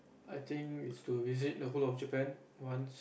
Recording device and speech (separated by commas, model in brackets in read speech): boundary microphone, conversation in the same room